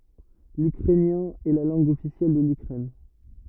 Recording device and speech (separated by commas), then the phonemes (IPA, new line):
rigid in-ear microphone, read sentence
lykʁɛnjɛ̃ ɛ la lɑ̃ɡ ɔfisjɛl də lykʁɛn